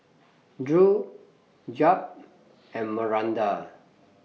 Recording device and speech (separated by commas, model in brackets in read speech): mobile phone (iPhone 6), read sentence